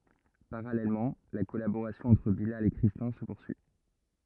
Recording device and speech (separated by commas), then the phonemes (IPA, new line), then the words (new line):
rigid in-ear microphone, read sentence
paʁalɛlmɑ̃ la kɔlaboʁasjɔ̃ ɑ̃tʁ bilal e kʁistɛ̃ sə puʁsyi
Parallèlement, la collaboration entre Bilal et Christin se poursuit.